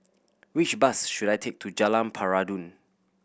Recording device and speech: boundary microphone (BM630), read sentence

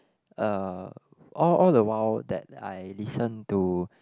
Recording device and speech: close-talking microphone, conversation in the same room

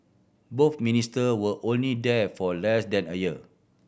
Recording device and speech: boundary microphone (BM630), read sentence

